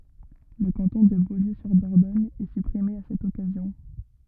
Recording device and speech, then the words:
rigid in-ear microphone, read sentence
Le canton de Beaulieu-sur-Dordogne est supprimé à cette occasion.

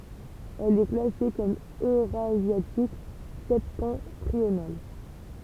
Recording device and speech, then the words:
temple vibration pickup, read sentence
Elle est classée comme eurasiatique septentrional.

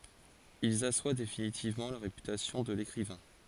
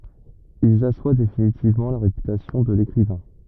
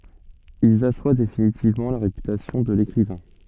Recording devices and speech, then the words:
forehead accelerometer, rigid in-ear microphone, soft in-ear microphone, read sentence
Ils assoient définitivement la réputation de l'écrivain.

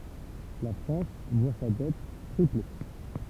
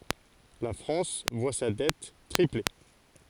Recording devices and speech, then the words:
temple vibration pickup, forehead accelerometer, read sentence
La France voit sa dette tripler.

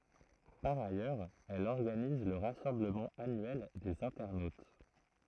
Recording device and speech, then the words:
throat microphone, read sentence
Par ailleurs, elle organise le rassemblement annuel des internautes.

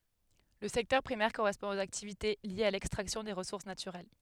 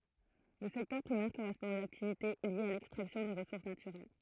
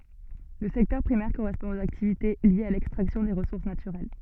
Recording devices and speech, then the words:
headset microphone, throat microphone, soft in-ear microphone, read sentence
Le secteur primaire correspond aux activités liées à l'extraction des ressources naturelles.

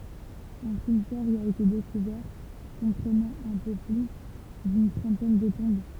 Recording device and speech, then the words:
temple vibration pickup, read sentence
Un cimetière y a été découvert, comprenant un peu plus d'une trentaine de tombes.

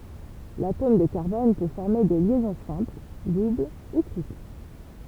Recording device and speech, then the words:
temple vibration pickup, read sentence
L’atome de carbone peut former des liaisons simples, doubles ou triples.

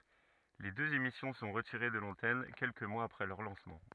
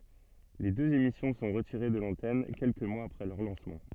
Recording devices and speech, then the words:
rigid in-ear microphone, soft in-ear microphone, read sentence
Les deux émissions sont retirées de l'antenne quelques mois après leur lancement.

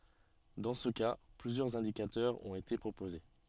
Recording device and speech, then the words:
soft in-ear microphone, read sentence
Dans ce cas, plusieurs indicateurs ont été proposés.

